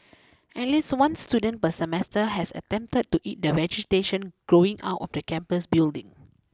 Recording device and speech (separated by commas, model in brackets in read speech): close-talking microphone (WH20), read sentence